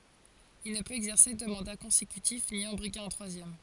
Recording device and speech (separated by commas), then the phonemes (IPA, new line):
forehead accelerometer, read sentence
il nə pøt ɛɡzɛʁse dø mɑ̃da kɔ̃sekytif ni ɑ̃ bʁiɡe œ̃ tʁwazjɛm